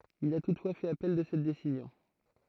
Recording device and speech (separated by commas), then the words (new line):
throat microphone, read sentence
Il a toutefois fait appel de cette décision.